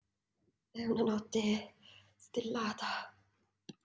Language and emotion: Italian, fearful